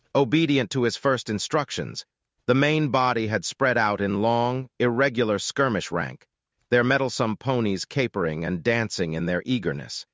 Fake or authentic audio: fake